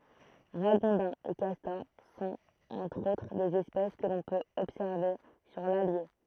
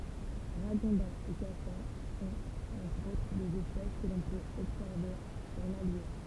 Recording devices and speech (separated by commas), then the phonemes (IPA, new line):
throat microphone, temple vibration pickup, read sentence
ʁaɡɔ̃dɛ̃z e kastɔʁ sɔ̃t ɑ̃tʁ otʁ dez ɛspɛs kə lɔ̃ pøt ɔbsɛʁve syʁ lalje